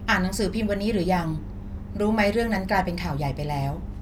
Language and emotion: Thai, neutral